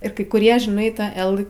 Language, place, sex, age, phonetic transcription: Lithuanian, Aukštaitija, female, 18-60, ir kai kuˈrie žiˈnai ˈtą ˈel

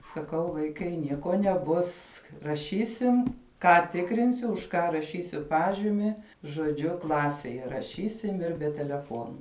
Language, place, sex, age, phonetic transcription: Lithuanian, Žemaitija, female, 18-60, saˈkau vaiˈkai ˈnieko neˈbus raˈšysim ˈką ˈtikrinsiu už ˈką raˈšysiu ˈpažimi žoˈdžiu ˈklasej raˈšysim ir be teleˈfonu

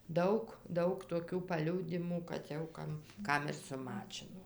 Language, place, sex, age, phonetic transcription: Lithuanian, Dzūkija, female, 60+, ˈdaug ˈdaug toˈkių paˈliūdimų kad jau ˈkam ˈkam ir suˈmačino

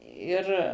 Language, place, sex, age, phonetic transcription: Lithuanian, Suvalkija, female, 60+, ˈir

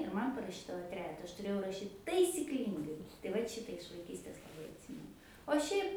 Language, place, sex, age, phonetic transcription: Lithuanian, Aukštaitija, female, 18-60, ir ˈman paraˈšydavo ˈtrejeta ˈaš tuˈrėjau raˈšyt taisikˈlyngai tai ˈvat ˈšita iš vaiˈkystės laˈbai atˈsymenu o ˈšiaip

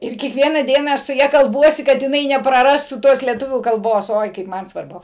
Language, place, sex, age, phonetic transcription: Lithuanian, Suvalkija, female, 60+, ir kiekˈviena ˈdiena ˈaš su ˈja kalˈbuosi ˈkad jiˈnai nepraˈrastų ˈtos lieˈtuvių kalˈbos ˈoi kaip ˈman svarˈbu

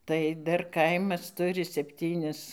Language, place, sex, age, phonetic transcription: Lithuanian, Dzūkija, female, 60+, tai ˈdar ˈkaimas ˈturi sepˈtynis

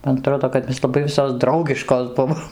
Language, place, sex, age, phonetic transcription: Lithuanian, Dzūkija, female, 60+, man aˈtrodo kad ˈmes laˈbai ˈvisos ˈdraugiškos ˈbuvom

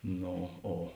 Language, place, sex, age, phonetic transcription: Lithuanian, Žemaitija, male, 60+, ˈno ˈo

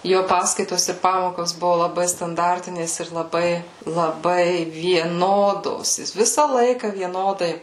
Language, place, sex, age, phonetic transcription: Lithuanian, Suvalkija, female, 18-60, ˈjo ˈpaskaitos ir ˈpamokos ˈbuvu laˈbai stanˈdartinės ir laˈbai laˈbai vieˈnodos ˈjis ˈvisa ˈlaika vieˈnodai

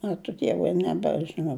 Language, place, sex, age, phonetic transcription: Lithuanian, Žemaitija, female, 60+, ˈačiu ˈdievui nebežiˈnau

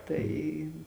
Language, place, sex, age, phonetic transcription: Lithuanian, Žemaitija, female, 18-60, ˈtai

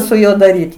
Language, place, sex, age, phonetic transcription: Lithuanian, Aukštaitija, female, 60+, su ˈjuo daˈryti

